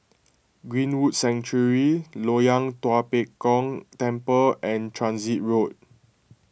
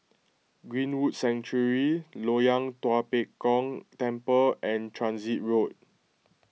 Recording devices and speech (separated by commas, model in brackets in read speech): boundary microphone (BM630), mobile phone (iPhone 6), read sentence